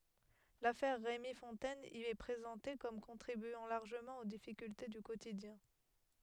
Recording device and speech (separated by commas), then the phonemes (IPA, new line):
headset microphone, read sentence
lafɛʁ ʁemi fɔ̃tɛn i ɛ pʁezɑ̃te kɔm kɔ̃tʁibyɑ̃ laʁʒəmɑ̃ o difikylte dy kotidjɛ̃